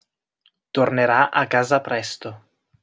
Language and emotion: Italian, neutral